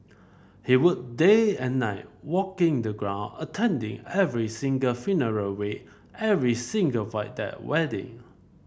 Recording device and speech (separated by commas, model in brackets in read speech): boundary microphone (BM630), read sentence